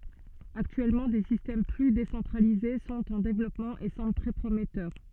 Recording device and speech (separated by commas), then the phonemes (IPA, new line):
soft in-ear microphone, read sentence
aktyɛlmɑ̃ de sistɛm ply desɑ̃tʁalize sɔ̃t ɑ̃ devlɔpmɑ̃ e sɑ̃bl tʁɛ pʁomɛtœʁ